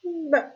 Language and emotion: Thai, sad